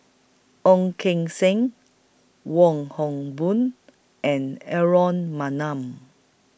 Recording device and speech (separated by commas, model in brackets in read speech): boundary microphone (BM630), read sentence